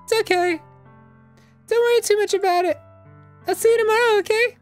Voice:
Falsetto